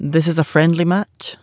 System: none